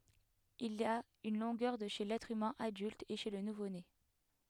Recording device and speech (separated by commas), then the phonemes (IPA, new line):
headset microphone, read sentence
il a yn lɔ̃ɡœʁ də ʃe lɛtʁ ymɛ̃ adylt e ʃe lə nuvone